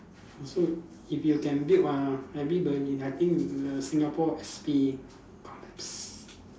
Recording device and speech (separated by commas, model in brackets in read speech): standing microphone, conversation in separate rooms